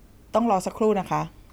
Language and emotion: Thai, neutral